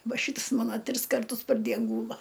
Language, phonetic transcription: Lithuanian, ˈva ˈšyts ˈmana ˈtris karˈtus par ˈdien ˈgūla

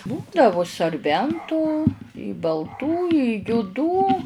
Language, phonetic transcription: Lithuanian, ˈbūdavu sarˈbentų balˈtų i juˈdų

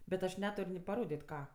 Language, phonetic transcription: Lithuanian, bet aš ˈnetur' ni paˈrodėt' ˈką

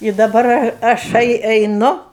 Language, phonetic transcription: Lithuanian, i daˈbar a aˈšai eiˈnu

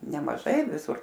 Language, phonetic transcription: Lithuanian, nemaˈžai viˈsur

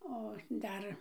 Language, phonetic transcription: Lithuanian, o ˈdar

